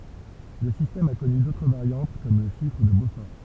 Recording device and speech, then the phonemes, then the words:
temple vibration pickup, read sentence
lə sistɛm a kɔny dotʁ vaʁjɑ̃t kɔm lə ʃifʁ də bofɔʁ
Le système a connu d'autres variantes comme le chiffre de Beaufort.

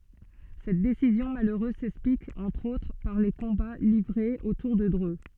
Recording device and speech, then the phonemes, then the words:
soft in-ear microphone, read sentence
sɛt desizjɔ̃ maløʁøz sɛksplik ɑ̃tʁ otʁ paʁ le kɔ̃ba livʁez otuʁ də dʁø
Cette décision malheureuse s'explique entre autre par les combats livrés autour de Dreux.

